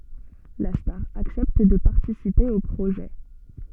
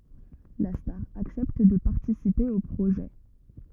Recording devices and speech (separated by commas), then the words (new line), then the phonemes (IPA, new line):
soft in-ear microphone, rigid in-ear microphone, read sentence
La star accepte de participer au projet.
la staʁ aksɛpt də paʁtisipe o pʁoʒɛ